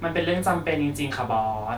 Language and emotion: Thai, frustrated